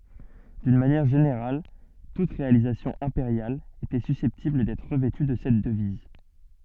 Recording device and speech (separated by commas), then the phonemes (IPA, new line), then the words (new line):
soft in-ear microphone, read sentence
dyn manjɛʁ ʒeneʁal tut ʁealizasjɔ̃ ɛ̃peʁjal etɛ sysɛptibl dɛtʁ ʁəvɛty də sɛt dəviz
D'une manière générale, toute réalisation impériale était susceptible d'être revêtue de cette devise.